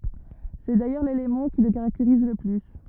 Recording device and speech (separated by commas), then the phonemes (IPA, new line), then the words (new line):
rigid in-ear microphone, read sentence
sɛ dajœʁ lelemɑ̃ ki lə kaʁakteʁiz lə ply
C'est d'ailleurs l'élément qui le caractérise le plus.